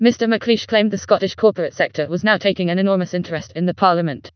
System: TTS, vocoder